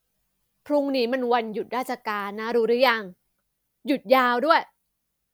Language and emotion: Thai, frustrated